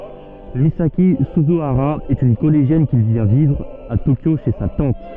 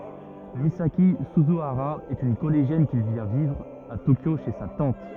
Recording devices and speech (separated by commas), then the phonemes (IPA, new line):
soft in-ear microphone, rigid in-ear microphone, read sentence
mizaki syzyaʁa ɛt yn kɔleʒjɛn ki vjɛ̃ vivʁ a tokjo ʃe sa tɑ̃t